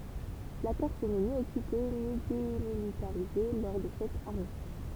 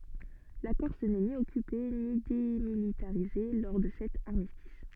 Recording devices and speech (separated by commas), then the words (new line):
temple vibration pickup, soft in-ear microphone, read sentence
La Corse n'est ni occupée ni démilitarisée lors de cet armistice.